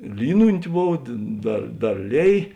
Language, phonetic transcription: Lithuanian, ˈlynunti ˈbov dė ˈdar ˈdar ˈlėj

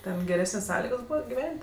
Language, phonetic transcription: Lithuanian, ˈten geˈresnės' ˈsąligos ˈbūva giˈvent'

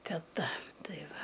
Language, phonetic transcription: Lithuanian, teˈta ˈtai ˈva

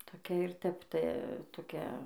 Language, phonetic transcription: Lithuanian, toˈkia ir ˈtep ˈta toˈkia

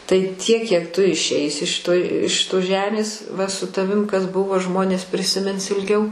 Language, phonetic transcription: Lithuanian, tai tiek kiek tu išˈeisi šiˈtoj iš ˈšitos ˈžemės va su taˈvim kas ˈbuvo ˈžmonės prisiˈmins ilˈgiau

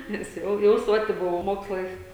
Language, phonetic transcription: Lithuanian, nes ˈjau jau ˈsoti ˈbuvau ˈmokslais

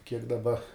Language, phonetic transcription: Lithuanian, kiek daˈba

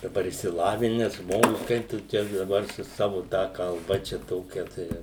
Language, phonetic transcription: Lithuanian, daˈbar išsiˈlavines ˈžmogus ˈkaip tu ˈtę daˈbar su ˈsavu ˈtą kalˈba ˈčia ˈtokia tai

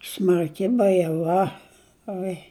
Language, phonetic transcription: Lithuanian, smarˈki bajeˈva ˈoi

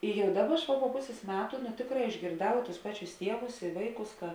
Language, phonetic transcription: Lithuanian, i ˈjau ˈdaˌba ˈaš va po ˈpusės ˈmetu nu ˈtėkˌrā išgėrˈdau tus ˈpaˌčius ˈtievus i ˈvaiˌkus ka

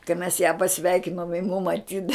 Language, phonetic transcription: Lithuanian, kai mes ją paˈsveikinom ji mum aˈtyda

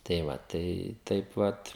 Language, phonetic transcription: Lithuanian, tai ˈva tai ˈtaip ˈvat

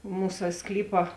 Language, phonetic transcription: Lithuanian, ˈmūsa ˈsklypa

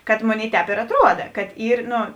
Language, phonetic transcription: Lithuanian, kad ˈmoˌnėi ˈtēp ir atˈruoda kad ˈyr ˈno

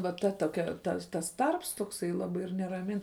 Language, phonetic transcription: Lithuanian, va ˈta toˈkia ˈta tas ˈtarps tokˈsai ˈlabai ir neraˈmin

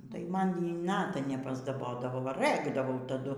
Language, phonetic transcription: Lithuanian, tai ˈman ˈjy ˈnata nepasdaˈbodavo va ˈrɘkdavau taˈdu

